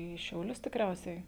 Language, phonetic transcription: Lithuanian, į šiauˈlius tikˈriausiai

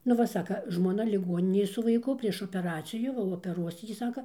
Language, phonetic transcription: Lithuanian, nu ˈva ˈsaka ˈžmona liˈguoninėj su vaiˈku prieš opeˈracijų opeˈruos ˈjį ˈsaka

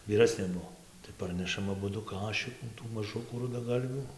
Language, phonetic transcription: Lithuanian, vyˈrasnė ˈbuo tai ˈparnešam aˈbudu ˈkašikų tų maˈžukų rudaˈgalvių

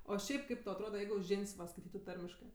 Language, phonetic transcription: Lithuanian, o ˈšiaip ˈkaip tau atˈroda ˈjeigu ˈžin's' va skaiˈtytu ˈtarmiškɜ

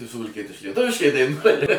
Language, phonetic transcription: Lithuanian, tai suvalˈkietiškai lieˈtuviškai daiˈnuoja

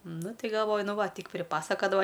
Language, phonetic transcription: Lithuanian, ˈnu ˈti galˈvoju ˈnu ˈva ˈtyk priˈpasakadava

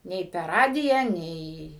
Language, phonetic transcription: Lithuanian, ˈnei per ˈradiją ˈnei

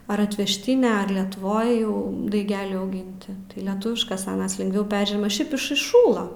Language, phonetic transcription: Lithuanian, ar atvežˈtine ar letuˈvoj jau daiˈgeliai auˈginti tai leˈtuviškas aˈnas lingˈviau ˈperžiema ˈšiaip iš išˈšųla

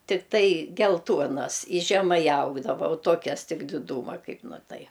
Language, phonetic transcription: Lithuanian, tikˈtai gelˈtuonas i žeˈmai ˈaugdavo o ˈtuokias ˈtik diˈdūma ˈkaip ˈnu ˈtai

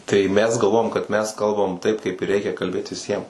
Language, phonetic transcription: Lithuanian, tai ˈmes galˈvojam kad ˈmes ˈkalbam taip kaip ir ˈreikia kalˈbėt viˈsiem

